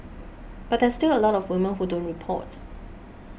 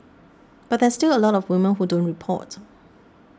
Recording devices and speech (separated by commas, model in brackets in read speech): boundary microphone (BM630), standing microphone (AKG C214), read sentence